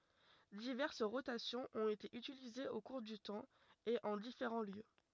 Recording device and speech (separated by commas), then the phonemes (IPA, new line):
rigid in-ear microphone, read sentence
divɛʁs ʁotasjɔ̃z ɔ̃t ete ytilizez o kuʁ dy tɑ̃ e ɑ̃ difeʁɑ̃ ljø